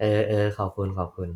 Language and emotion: Thai, neutral